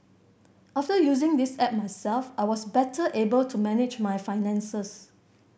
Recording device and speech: boundary microphone (BM630), read sentence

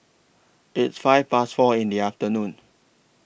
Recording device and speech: boundary microphone (BM630), read sentence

